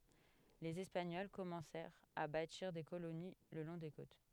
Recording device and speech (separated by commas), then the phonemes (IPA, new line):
headset microphone, read sentence
lez ɛspaɲɔl kɔmɑ̃sɛʁt a batiʁ de koloni lə lɔ̃ de kot